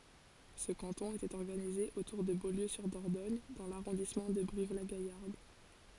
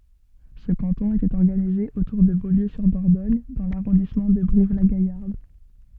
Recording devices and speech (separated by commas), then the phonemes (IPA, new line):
forehead accelerometer, soft in-ear microphone, read sentence
sə kɑ̃tɔ̃ etɛt ɔʁɡanize otuʁ də boljøzyʁdɔʁdɔɲ dɑ̃ laʁɔ̃dismɑ̃ də bʁivlaɡajaʁd